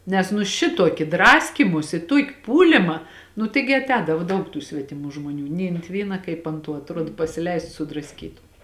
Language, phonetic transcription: Lithuanian, ˈnes nu ˈšituoki ˈdraskymusi ˈtuoki ˈpūlima nu ˈtaigi aˈtēdavo ˈdaug tų svetiˈmų žmoˈnių nei ant ˈvyna ˈkaip ant ˈtuo atˈruod pasiˈleist sudrasˈkytu

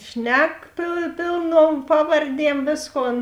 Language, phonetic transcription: Lithuanian, ˈšnek pė pėlˌnuom ˈpavarˌdiem ˈvėsˌkon

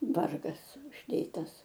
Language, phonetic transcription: Lithuanian, ˈvargas užˈdėtas

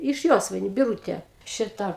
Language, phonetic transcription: Lithuanian, iš ˈjosvainiu biˈrūtė ˈšita

